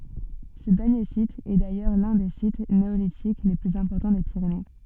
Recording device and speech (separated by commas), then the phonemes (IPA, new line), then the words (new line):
soft in-ear microphone, read sentence
sə dɛʁnje sit ɛ dajœʁ lœ̃ de sit neolitik le plyz ɛ̃pɔʁtɑ̃ de piʁene
Ce dernier site est d'ailleurs l'un des sites néolithiques les plus importants des Pyrénées.